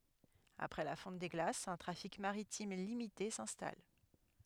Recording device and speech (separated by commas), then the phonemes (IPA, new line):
headset microphone, read sentence
apʁɛ la fɔ̃t de ɡlasz œ̃ tʁafik maʁitim limite sɛ̃stal